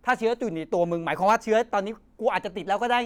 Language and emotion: Thai, angry